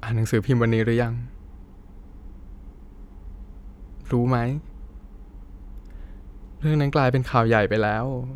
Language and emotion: Thai, sad